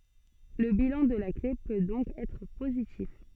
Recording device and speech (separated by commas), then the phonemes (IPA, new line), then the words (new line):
soft in-ear microphone, read sentence
lə bilɑ̃ də la kle pø dɔ̃k ɛtʁ pozitif
Le bilan de la clé peut donc être positif.